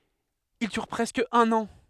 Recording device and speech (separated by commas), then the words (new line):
headset microphone, read sentence
Il dure presque un an.